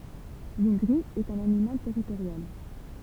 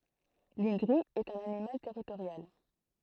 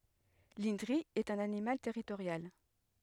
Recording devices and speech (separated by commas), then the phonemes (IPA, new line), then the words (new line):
temple vibration pickup, throat microphone, headset microphone, read sentence
lɛ̃dʁi ɛt œ̃n animal tɛʁitoʁjal
L’indri est un animal territorial.